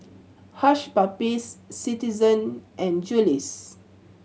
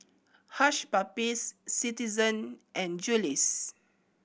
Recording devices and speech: mobile phone (Samsung C7100), boundary microphone (BM630), read sentence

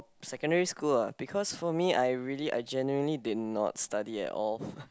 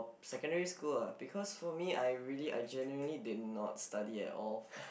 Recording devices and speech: close-talking microphone, boundary microphone, conversation in the same room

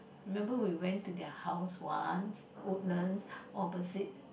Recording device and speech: boundary microphone, conversation in the same room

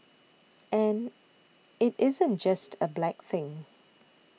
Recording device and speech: mobile phone (iPhone 6), read sentence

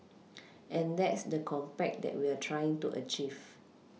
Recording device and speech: mobile phone (iPhone 6), read sentence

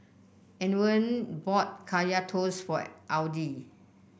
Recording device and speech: boundary microphone (BM630), read sentence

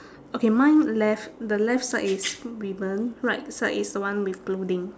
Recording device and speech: standing microphone, conversation in separate rooms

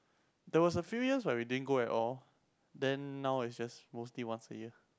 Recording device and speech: close-talking microphone, conversation in the same room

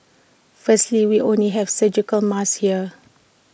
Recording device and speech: boundary microphone (BM630), read sentence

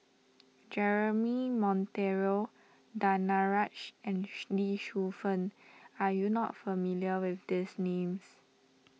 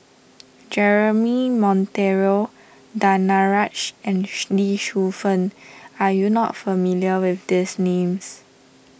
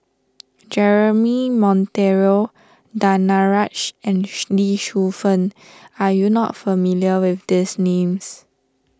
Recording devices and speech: mobile phone (iPhone 6), boundary microphone (BM630), standing microphone (AKG C214), read sentence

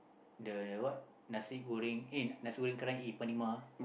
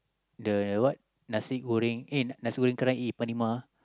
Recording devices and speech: boundary microphone, close-talking microphone, conversation in the same room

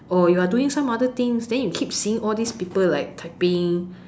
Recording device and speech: standing microphone, conversation in separate rooms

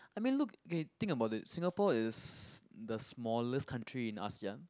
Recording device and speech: close-talking microphone, conversation in the same room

